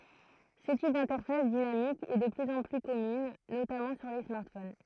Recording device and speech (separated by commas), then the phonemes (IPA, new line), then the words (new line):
throat microphone, read sentence
sə tip dɛ̃tɛʁfas dinamik ɛ də plyz ɑ̃ ply kɔmyn notamɑ̃ syʁ le smaʁtfon
Ce type d'interface dynamique est de plus en plus commune, notamment sur les smartphones.